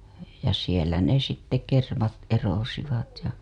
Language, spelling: Finnish, ja siellä ne sitten kermat erosivat ja
- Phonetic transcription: ja sielä ne sitte 'kermat erosivat ja .

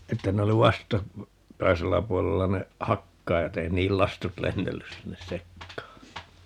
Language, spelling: Finnish, että ne oli - vastakkaisella puolella ne hakkaajat ei niiden lastut lennellyt sinne sekaan
- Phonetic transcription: että 'ne oli 'vasta- , '-kaisella 'puolella ne , "hakkaajat ‿ei 'nii₍(e)l "lastut 'lennellys 'sinnes "sekkaa .

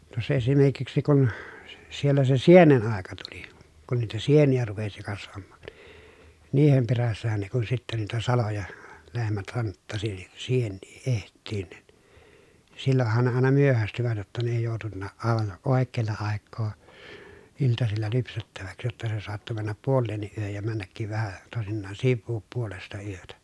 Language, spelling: Finnish, tuossa esimerkiksi kun - siellä se sienen aika tuli kun niitä sieniä rupesi kasvamaan niiden perässähän ne kun sitten niitä saloja lehmät hanttasi niin sieniä etsimään niin silloinhan ne aina myöhästyivät jotta ne ei joutunutkaan aivan oikealla aikaa iltasilla lypsettäväksi jotta se saattoi mennä puoleenkin yöhön ja mennäkin vähän toisinaan sivuun puolesta yötä
- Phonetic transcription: tuos̀a esimerkiksi kun , si- siellä se sienen àeka tuli , kun niitä sienijä rupesi kasvammAAN , niihem perässähän ne kun sittä niitä saloja , lehmät hanttasi nin , siennii eht̆tiin nin , sillohhan ne àena myöhästyvät jotta ne ei jòutunnaaʼ ʼàevan ʼòekkeella àekkoo , iltasilla lypsettäväks , jotta se soatto männäp puolleenniʼ ʼyöhöj ja männäkkiv vähä , tòesinnaan sivvuup puolesta yötä .

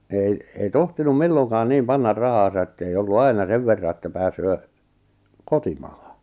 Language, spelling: Finnish, ei ei tohtinut milloinkaan niin panna rahaansa että ei ollut aina sen verran että pääsee kotimaahan
- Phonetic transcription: ei , ei 'tohtinum "milloŋkaan 'niim 'pannar 'rahaasa ettei ollu "aina 'sev verra että 'pääsöö , "kotimᴀᴀhᴀ .

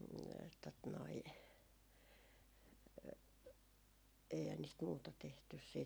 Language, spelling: Finnish, tuota noin eihän niistä muuta tehty sitten ja
- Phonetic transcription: tot noi , eihän niist muuta tehtys siit ja ,.

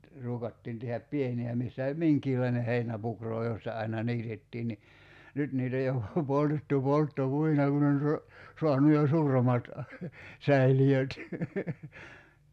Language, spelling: Finnish, ruukattiin tehdä pieniä missä oli minkäkinlainen heinäpukro josta aina niitettiin niin nyt niitä on jo poltettu polttopuina kun on - saanut jo suuremmat säiliöt
- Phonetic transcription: 'ruukattiin tehäp "pieni₍ä 'missä oĺ "miŋkiilaineh 'heinäpukroo josta aina "niitettiin ni , 'nyt niit ‿oj jo , 'poltettu , 'poltto"puina kun ‿on so- , 'soanu jo "suuremat , 'säili₍öt .

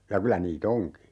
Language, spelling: Finnish, ja kyllä niitä onkin
- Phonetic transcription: ja 'kylä nii"t ‿oŋki .

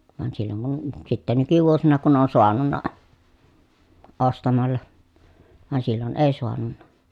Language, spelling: Finnish, vaan silloin kun sitten nykyvuosina kun on saanut ostamalla vaan silloin ei saanut
- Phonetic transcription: van silloŋ kun , sitte nykyvuosina kun on soanunna , ostamalla , van sillon èi soanunna .

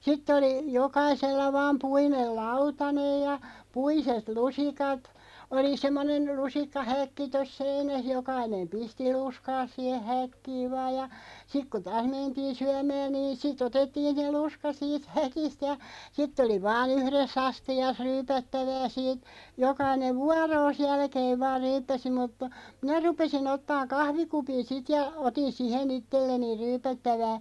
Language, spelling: Finnish, sitten oli jokaisella vain puinen lautanen ja puiset lusikat oli semmoinen lusikkahäkki tuossa seinässä jokainen pisti lusikkansa siihen häkkiin vain ja sitten kun taas mentiin syömään niin siten otettiin se lusikka siitä häkistä ja sitten oli vain yhdessä astiassa ryypättävää siitä jokainen vuoronsa jälkeen vain ryyppäsi mutta minä rupesin ottamaan kahvikupin sitten ja otin siihen itselleni ryypättävää
- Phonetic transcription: 'sitt ‿oli , 'jokaisella "vaam 'puinel "lautanej ja , "puiset 'lusikat , oli 'semmonen , 'lusikka"häkki tos "seinäh 'jokainem 'pisti 'luskaas siihe "häkkii vaaj ja , 'sik ku "taas 'mentiin̬ 'syämääⁿ niin sit"ᵗ ‿otettiin̬ se 'luska siit "häkist ja , 'sitᵗ ‿oli 'vaa"n ‿yhres's ‿asti₍as 'ryypättävää siit , 'jokainev "vuaroos 'jälkeev 'vaar "ryyppäsi muttᴀ , 'minä 'rupesi'n ‿ottaaŋ "kahvikupin 'sit ja , 'otin 'sihe'n ‿ittelleni "ryypättävää ,.

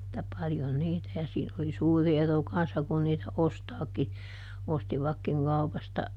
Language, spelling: Finnish, että paljon niitä ja siinä oli suuri ero kanssa kun niitä ostaakin ostivatkin kaupasta
- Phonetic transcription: [et]tä paljon ˈniitä - ja siin ‿oli "suuri ˈero kanssa kun niitä "ostaaki , ˈostivakkiŋ ˈkaupasta ,.

